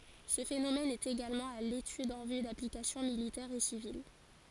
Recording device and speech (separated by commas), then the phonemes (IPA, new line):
forehead accelerometer, read sentence
sə fenomɛn ɛt eɡalmɑ̃ a letyd ɑ̃ vy daplikasjɔ̃ militɛʁz e sivil